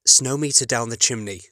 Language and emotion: English, happy